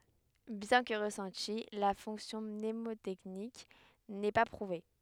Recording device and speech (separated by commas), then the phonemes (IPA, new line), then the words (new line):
headset microphone, read sentence
bjɛ̃ kə ʁəsɑ̃ti la fɔ̃ksjɔ̃ mnemotɛknik nɛ pa pʁuve
Bien que ressentie, la fonction mnémotechnique n'est pas prouvée.